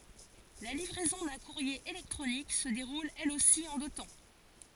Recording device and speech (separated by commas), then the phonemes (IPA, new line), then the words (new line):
forehead accelerometer, read sentence
la livʁɛzɔ̃ dœ̃ kuʁje elɛktʁonik sə deʁul ɛl osi ɑ̃ dø tɑ̃
La livraison d'un courrier électronique se déroule elle aussi en deux temps.